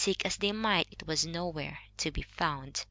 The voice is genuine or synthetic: genuine